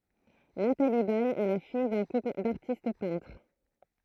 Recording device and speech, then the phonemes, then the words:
throat microphone, read sentence
natali bɛj ɛ la fij dœ̃ kupl daʁtist pɛ̃tʁ
Nathalie Baye est la fille d'un couple d'artistes peintres.

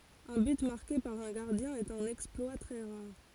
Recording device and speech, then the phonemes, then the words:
forehead accelerometer, read sentence
œ̃ byt maʁke paʁ œ̃ ɡaʁdjɛ̃ ɛt œ̃n ɛksplwa tʁɛ ʁaʁ
Un but marqué par un gardien est un exploit très rare.

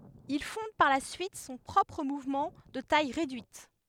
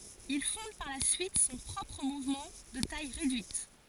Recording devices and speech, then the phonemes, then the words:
headset microphone, forehead accelerometer, read sentence
il fɔ̃d paʁ la syit sɔ̃ pʁɔpʁ muvmɑ̃ də taj ʁedyit
Il fonde par la suite son propre mouvement, de taille réduite.

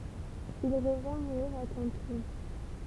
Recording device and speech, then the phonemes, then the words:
temple vibration pickup, read sentence
il ʁəvɛ̃ muʁiʁ a kɑ̃tlup
Il revint mourir à Canteloup.

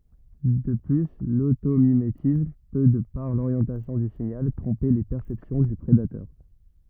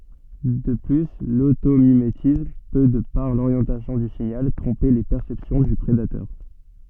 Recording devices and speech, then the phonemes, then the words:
rigid in-ear microphone, soft in-ear microphone, read sentence
də ply lotomimetism pø də paʁ loʁjɑ̃tasjɔ̃ dy siɲal tʁɔ̃pe le pɛʁsɛpsjɔ̃ dy pʁedatœʁ
De plus, l'automimétisme peut, de par l'orientation du signal, tromper les perceptions du prédateurs.

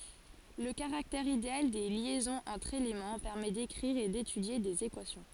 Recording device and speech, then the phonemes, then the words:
forehead accelerometer, read sentence
lə kaʁaktɛʁ ideal de ljɛzɔ̃z ɑ̃tʁ elemɑ̃ pɛʁmɛ dekʁiʁ e detydje dez ekwasjɔ̃
Le caractère idéal des liaisons entre éléments permet d'écrire et d'étudier des équations.

